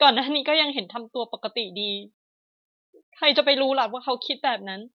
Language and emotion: Thai, sad